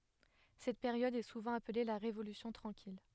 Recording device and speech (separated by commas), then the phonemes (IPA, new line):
headset microphone, read sentence
sɛt peʁjɔd ɛ suvɑ̃ aple la ʁevolysjɔ̃ tʁɑ̃kil